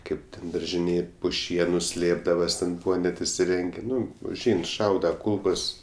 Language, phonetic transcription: Lithuanian, ˈkaip ten daržiˈnėj pu ˈšienu ˈslėpdavas ten ˈbūva net isiˈrengė ˈnu užˈein ˈšauda ˈkūlkos

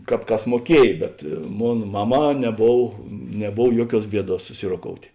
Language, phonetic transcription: Lithuanian, ˈkāp ˈkas muoˈkiej bet ˈmon ˈmaˌmā neˈbov neˈbov ˈjuoˌkiuos ˈbieˌduos suˈsiroˌkoutė

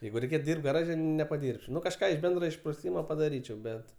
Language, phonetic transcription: Lithuanian, ˈjeigu reiˈkėt ˈdyrbt gaˈraže nepaˈdyrbčiau ˈnu kažˈką iš ˈbendro išpruˈsymo padaˈryčiau ˈbet

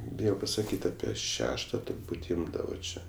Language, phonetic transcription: Lithuanian, ˈbijo pasaˈkyt' ˈapie ˈšešta turˈbūt' ˈimdavo ˈčia

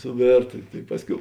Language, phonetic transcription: Lithuanian, suˈvėrta tai ˈpasˌkiau

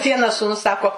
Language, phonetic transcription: Lithuanian, ˈvienas sūˈnus ˈsako

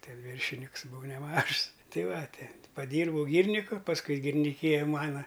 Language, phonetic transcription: Lithuanian, ˈte ˈvyršiniks buˈvau neˈmažs ˈtai ˈva ˈti paˈdyrbau ˈgyrniku pasˈkui girniˈkyja ˈmana

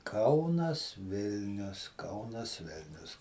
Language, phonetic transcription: Lithuanian, ˈkaunas ˈvilnius ˈkaunas ˈvilnius

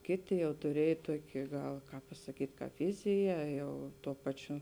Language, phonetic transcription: Lithuanian, ˈkėˌtė jau tuˈriej ˈtuoki ˈgal ˈkāp pasaˈkyt' ˈkāp ˈvizija ˈjau ˈtuo ˈpaˌčiu

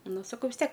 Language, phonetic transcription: Lithuanian, ˈnu saˈkau vis ˈtiek

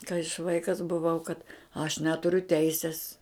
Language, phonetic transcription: Lithuanian, kai aš ˈvaikas buˈvau kad aš ˈneturiu ˈteisis

